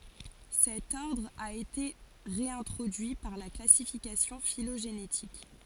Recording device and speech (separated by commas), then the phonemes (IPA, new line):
forehead accelerometer, read sentence
sɛt ɔʁdʁ a ete ʁeɛ̃tʁodyi paʁ la klasifikasjɔ̃ filoʒenetik